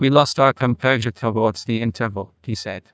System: TTS, neural waveform model